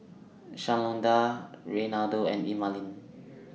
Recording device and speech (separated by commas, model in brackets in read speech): mobile phone (iPhone 6), read sentence